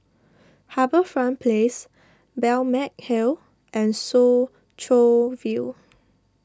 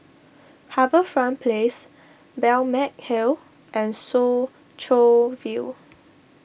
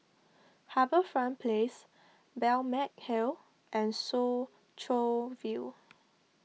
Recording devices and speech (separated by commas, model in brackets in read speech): standing microphone (AKG C214), boundary microphone (BM630), mobile phone (iPhone 6), read sentence